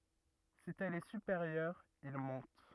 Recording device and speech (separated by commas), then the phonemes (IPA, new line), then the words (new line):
rigid in-ear microphone, read sentence
si ɛl ɛ sypeʁjœʁ il mɔ̃t
Si elle est supérieure, il monte.